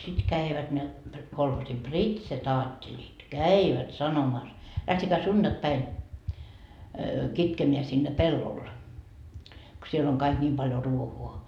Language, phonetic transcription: Finnish, sit 'käivät ne , kolhoosi "pritsetaatteĺit "käivät 'sanomas , » lähtekää "sunDakpäin , 'kitkemeä sinne 'pellol , ko siel ‿oŋ kaik 'ńiim paljo 'ruohuo » .
- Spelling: sitten kävivät ne kolhoosin pritsetaattelit kävivät sanomassa lähtekää sunnuntaipäivänä kitkemään sinne pellolle kun siellä on kaikki niin paljon ruohoa

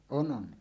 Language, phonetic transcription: Finnish, » "on "ˀon « .
- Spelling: on on

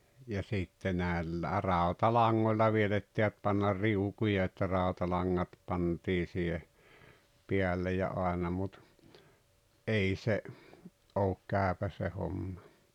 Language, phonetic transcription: Finnish, ja 'sìtte näel- "ràotalaŋŋoĺĺa (viel ‿ettivät) pannar 'riukuja että 'ràu̬talaŋŋat 'pantii siihe , 'piälle ja 'aena mut , "’ei se , '’ook "kä̀öpä se 'homma .
- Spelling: ja sitten - rautalangoilla vielä ehtivät panna riukuja että rautalangat pantiin siihen päälle ja aina mutta ei se ole käypä se homma

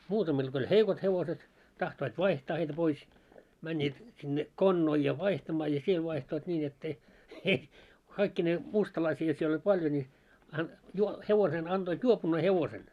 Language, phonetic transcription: Finnish, 'muutamil ɢo oĺ 'heikot 'hevoset , tahtoit 'vaihtaa heitä 'pois , 'männiit , sinne , 'konnoil ja 'vaihtamaa ja 'siel 'vaihtoit ńiin ‿et't ‿ei , ei , 'kaikkinee , 'mustalaisi₍a siel oĺ 'paljo ńi , an- juo- , 'hevosen anᴅoit "juopunnee 'hevosen .
- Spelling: muutamilla kun oli heikot hevoset tahtoivat vaihtaa heitä pois menivät sinne konnoille ja vaihtamaan ja siellä vaihtoivat niin että ei ei kaikkineen mustalaisia siellä oli paljon niin - - hevosen annoit juopuneen hevosen

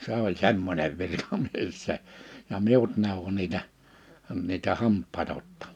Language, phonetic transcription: Finnish, 'se ‿oĺ 'semmońev 'virkamies se , ja 'miut 'nèowwo niitä , niitä 'hamppaeta otta[maan] .
- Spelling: se oli semmoinen virkamies se ja minut neuvoi niitä niitä hampaita ottamaan

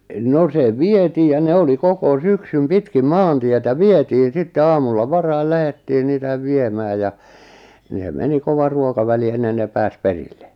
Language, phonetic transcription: Finnish, 'no se "vietii ja 'ne oli 'koko 'syksym 'pitkim "maantietä "vietiin̬ sitte 'aamulla "varail 'lähettii "niitäv 'viemää ja , ni (hem) 'meni 'kovar 'ruokaväli ennen ne 'pääs "perille .
- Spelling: no se vietiin ja ne oli koko syksyn pitkin maantietä vietiin sitten aamulla varhain lähdettiin niitä viemään ja niin he meni kovan ruokavälin ennen ne pääsi perille

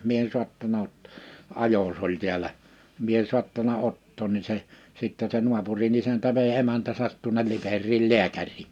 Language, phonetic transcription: Finnish, 'mie ‿ᵉn 'suattana 'ot- , 'ajos ‿oĺ tiäl̀ä , mie ‿ᵉn 'suattana 'ottoon ni se , 'sittɛ se 'nuapuri'n ‿isäntä vei 'emäntäsät tuᵒnel 'Liper̆riil "liäkär̆rii .
- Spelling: minä en saattanut - ajos oli täällä minä en saattanut ottaa niin se sitten se naapurin isäntä vei emäntänsä tuonne Liperiin lääkäriin

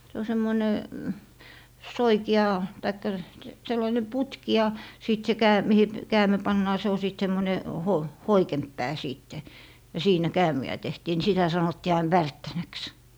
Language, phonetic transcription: Finnish, se o 'semmoⁱne , "soiki₍a , taikka 'sellaine "putki ja , sìt se 'kää- , mihi , 'käämi̮ 'pannaa se o sìt 'semmone , ho- , "hoikemp 'pää 'siitte , ja 'siinä "käämi₍ä tehtii ni sitä 'sanottii ain "värttänäks .
- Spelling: se on semmoinen soikea tai sellainen putki ja sitten se - mihin käämi pannaan se on sitten semmoinen - hoikempi pää sitten ja siinä käämiä tehtiin niin sitä sanottiin aina värttänäksi

